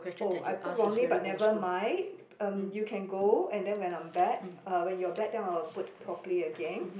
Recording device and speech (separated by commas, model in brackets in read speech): boundary microphone, conversation in the same room